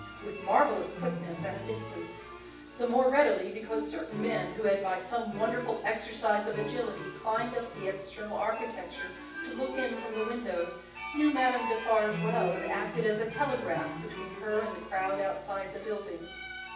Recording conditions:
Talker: one person; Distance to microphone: 9.8 m; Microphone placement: far; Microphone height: 1.8 m; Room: large; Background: music

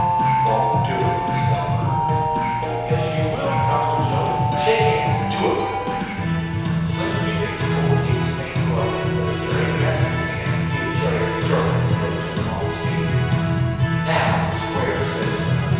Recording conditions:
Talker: one person; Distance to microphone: 7.1 m; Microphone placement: far; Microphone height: 1.7 m; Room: very reverberant, large; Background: music

